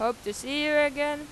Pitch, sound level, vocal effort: 290 Hz, 95 dB SPL, very loud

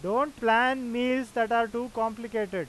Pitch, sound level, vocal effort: 235 Hz, 97 dB SPL, loud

